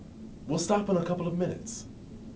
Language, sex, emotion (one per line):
English
male
neutral